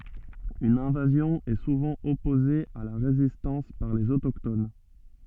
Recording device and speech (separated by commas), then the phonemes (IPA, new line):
soft in-ear microphone, read sentence
yn ɛ̃vazjɔ̃ ɛ suvɑ̃ ɔpoze a la ʁezistɑ̃s paʁ lez otokton